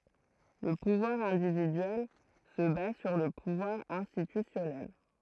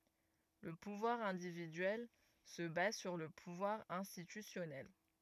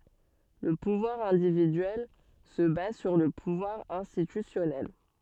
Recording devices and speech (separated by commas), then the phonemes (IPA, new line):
throat microphone, rigid in-ear microphone, soft in-ear microphone, read sentence
lə puvwaʁ ɛ̃dividyɛl sə baz syʁ lə puvwaʁ ɛ̃stitysjɔnɛl